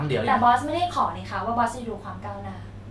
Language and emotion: Thai, frustrated